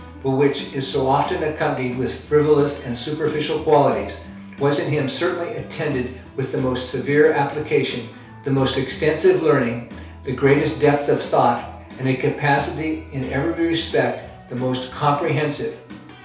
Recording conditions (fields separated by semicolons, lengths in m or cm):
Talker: one person; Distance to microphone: 3.0 m; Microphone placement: far; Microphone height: 1.8 m; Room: small (3.7 m by 2.7 m); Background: music